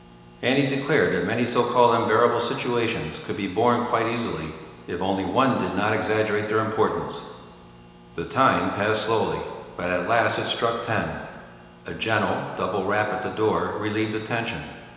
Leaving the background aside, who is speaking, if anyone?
One person.